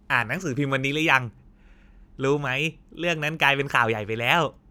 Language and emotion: Thai, happy